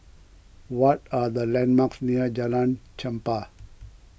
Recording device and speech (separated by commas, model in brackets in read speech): boundary microphone (BM630), read sentence